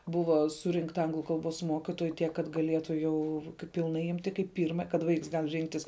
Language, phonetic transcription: Lithuanian, ˈbuva ˈsurinkta ˈanglu ˈkalˌbos ˈmokitoju ˈtiek kad gaˈlietu ˈjau pilˈnai ˈimti kaip ˈpyrma kad ˈvaiks ˈgal ˈrinktis

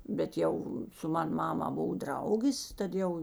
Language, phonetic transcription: Lithuanian, bet ˈjau su ˈman ˈmama ˈbov ˈdraugės ˈtad ˌjau

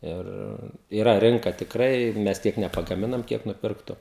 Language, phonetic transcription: Lithuanian, ˈir yˈra ˈrinka tikˈrai ˈmes ˈtiek nepagaˈminam ˈkiek nuˈpirktu

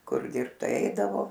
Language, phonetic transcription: Lithuanian, ˈkur ˈdirbt ˈtai ˈeidavo

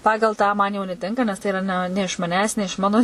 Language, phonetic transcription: Lithuanian, ˈpagal tą ˈman jau neˈtinka nes ˈtai iˈra ne iš maˈnęs ne iš ˈmano

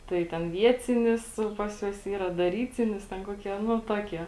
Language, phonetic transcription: Lithuanian, ˈtai ten ˈviecinis ˈpas juos ˈyra daˈrycinis ˈten ˈkuokie ˈnu ˈtuokie

